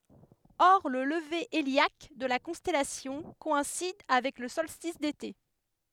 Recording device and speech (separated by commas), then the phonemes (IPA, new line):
headset microphone, read sentence
ɔʁ lə ləve eljak də la kɔ̃stɛlasjɔ̃ kɔɛ̃sid avɛk lə sɔlstis dete